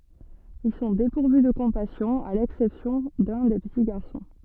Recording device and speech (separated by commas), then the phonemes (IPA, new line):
soft in-ear microphone, read sentence
il sɔ̃ depuʁvy də kɔ̃pasjɔ̃ a lɛksɛpsjɔ̃ də lœ̃ de pəti ɡaʁsɔ̃